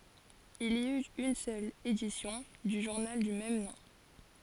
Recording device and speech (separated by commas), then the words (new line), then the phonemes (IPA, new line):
forehead accelerometer, read sentence
Il y eut une seule édition du journal du même nom.
il i yt yn sœl edisjɔ̃ dy ʒuʁnal dy mɛm nɔ̃